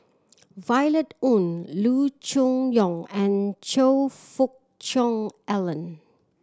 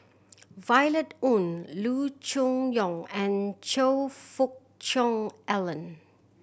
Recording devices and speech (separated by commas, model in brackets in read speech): standing microphone (AKG C214), boundary microphone (BM630), read sentence